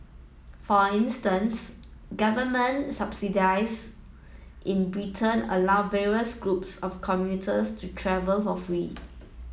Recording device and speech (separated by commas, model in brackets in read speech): mobile phone (iPhone 7), read sentence